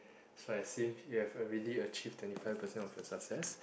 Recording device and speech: boundary microphone, conversation in the same room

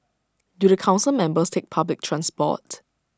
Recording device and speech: standing microphone (AKG C214), read sentence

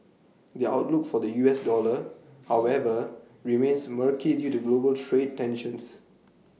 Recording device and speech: mobile phone (iPhone 6), read sentence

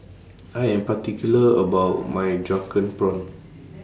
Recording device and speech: standing microphone (AKG C214), read sentence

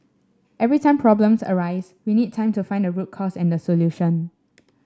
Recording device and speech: standing microphone (AKG C214), read sentence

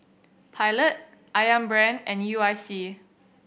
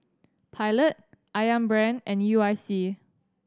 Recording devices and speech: boundary microphone (BM630), standing microphone (AKG C214), read sentence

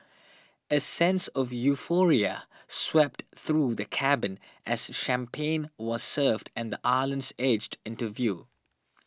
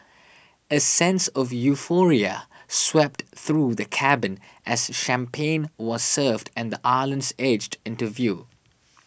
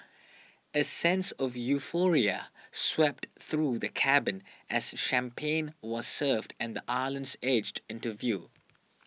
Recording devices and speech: standing microphone (AKG C214), boundary microphone (BM630), mobile phone (iPhone 6), read sentence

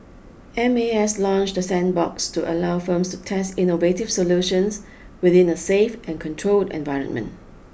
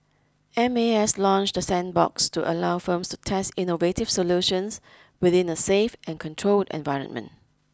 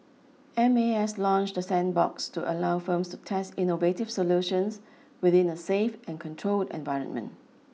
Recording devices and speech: boundary microphone (BM630), close-talking microphone (WH20), mobile phone (iPhone 6), read sentence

